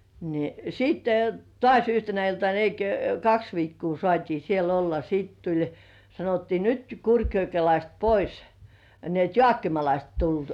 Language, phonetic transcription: Finnish, ni , 'sitte , "tŏàś yhtenä iltan (ni) ei ‿kö "kaks 'viikkuu sŏàt́ii siel ‿olla siit tuĺ , sanottii "nyt 'Kurkjokelaist 'pois , ni ‿et "joàkkimalaist tulluòt .
- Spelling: niin sitten taas yhtenä iltana niin ei kuin kaksi viikkoa saatiin siellä olla sitten tuli sanottiin nyt kurkijokelaiset pois niin että jaakkimalaiset tulevat

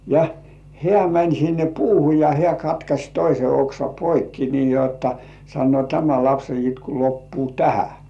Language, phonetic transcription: Finnish, ja 'heä̀ mäń sinne "puuhu ja 'hĕä̀ katkaś 'toise oksa "poikki nii jotta , sannŭò » "tämä 'lapse itku 'loppuu "tähä « .
- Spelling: ja hän meni sinne puuhun ja hän katkaisi toisen oksan poikki niin jotta sanoo tämä lapsen itku loppuu tähän

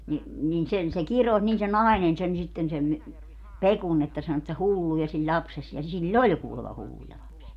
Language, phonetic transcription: Finnish, ni , nin 'sen se "kiroś niin se "nàinen sen sitten sem mi- , "Pekun että sano että "hulluja siĺ "ĺapses , ja 'sil"l ‿oĺ kuulema 'hulluja 'lapsi₍a .
- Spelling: niin niin sen se kirosi niin se nainen sen sitten sen - Pekun että sanoi että hulluja sinun lapsesi ja sillä oli kuulemma hulluja lapsia

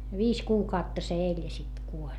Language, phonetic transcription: Finnish, viis kuukautta se eĺ ja sit kuoĺ .
- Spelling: viisi kuukautta se eli ja sitten kuoli

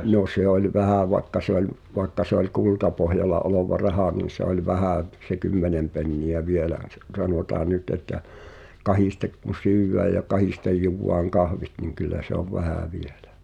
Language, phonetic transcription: Finnish, no 'se ‿oĺ "vähä vaᵉkka se ‿oĺ , vaᵉkka se ‿oĺ "kultapohjala olova 'rahà nin̬ se ‿oĺ "vähä̀ v- , se 'kymmenem penni₍ä "vielään̬ se , sanotaa 'nyt että , "kahistek kun̬̆ "syywvää ja "kahistej jùwwaaŋ 'kahvit niŋ kyllä se ‿ov "vähä̀ vieʟᴀ̈ .
- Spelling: no se oli vähän vaikka se oli vaikka se oli kultapohjalla oleva raha niin se oli vähän - se kymmenen penniä vielä se sanotaan nyt että kahdesti kun syödään ja kahdesti juodaan kahvit niin kyllä se on vähän vielä

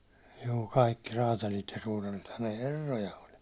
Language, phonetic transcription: Finnish, juu , 'kaikki raatalit ja suutarithan ne "herroja oĺ .
- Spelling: juu kaikki räätälit ja suutarithan ne herroja oli

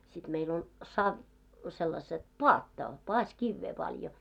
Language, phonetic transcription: Finnish, sit meil ‿oĺ 'sav- , sellaset "poatta , 'poaś'kivvee paljo .
- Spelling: sitten meillä oli - sellaiset paatta paasikiveä paljon

